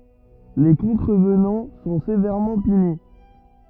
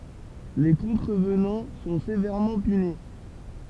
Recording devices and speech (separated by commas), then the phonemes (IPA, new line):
rigid in-ear microphone, temple vibration pickup, read sentence
le kɔ̃tʁəvnɑ̃ sɔ̃ sevɛʁmɑ̃ pyni